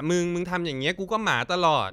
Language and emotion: Thai, frustrated